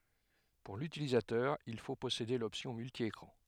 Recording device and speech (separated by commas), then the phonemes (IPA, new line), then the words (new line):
headset microphone, read sentence
puʁ lytilizatœʁ il fo pɔsede lɔpsjɔ̃ myltjekʁɑ̃
Pour l'utilisateur il faut posséder l'option multi-écran.